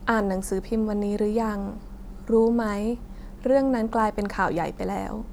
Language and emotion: Thai, neutral